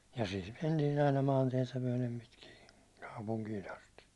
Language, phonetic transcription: Finnish, ja siit 'mentiin̬ ‿aina 'maantiɛtä myäₒlem pitkij (ja) , 'kaupuŋkiin̬ ‿asti .
- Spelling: ja siitä mentiin aina maantietä myöten pitkin ja kaupunkiin asti

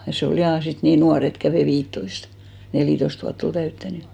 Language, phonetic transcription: Finnish, ja 'se ol 'jà 'sit nii "nuar ‿et 'kävè 'viittoist , 'nelìtoist vuatt ‿ol 'täyttänʏ .
- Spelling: ja se oli ja sitten niin nuori että kävi viittätoista neljätoista vuotta oli täyttänyt

